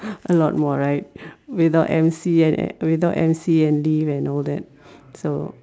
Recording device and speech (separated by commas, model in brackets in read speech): standing microphone, conversation in separate rooms